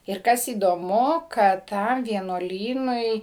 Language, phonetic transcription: Lithuanian, ir ˈkas įdoˈmu kad ˈtam vienuoˈlynui

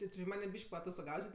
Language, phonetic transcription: Lithuanian, ti ˈči ˈmanė ˈbyš'k' paatostoˈgauset'

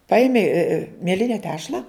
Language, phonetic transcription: Lithuanian, ˈpaimi mieˈline ˈtešla

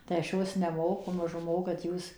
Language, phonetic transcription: Lithuanian, tai aš ˈjos neˈmoku ˈmažu ˈmokat ˈjūs

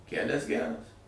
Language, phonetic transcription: Lithuanian, ˈkælias ˈgæras

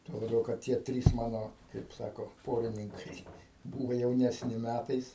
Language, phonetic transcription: Lithuanian, tuo laˈbiau kad ˈtie ˈtrys ˈmano kaip ˈsako ˈporininkai ˈbūva jaunesˈni ˈmætais

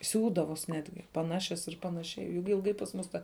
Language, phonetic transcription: Lithuanian, ˈsiūdavos ˈnetgi paˈnašias ir ˈpanašiai jug ilˈgai pas ˈmus ta

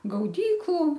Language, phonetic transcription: Lithuanian, gauˈdyklu

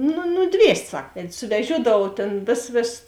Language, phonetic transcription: Lithuanian, nu nuˈdviest' ˈsak ˈved' suveˈžiuodavuov tėn ˈvėsas ˈvėsas

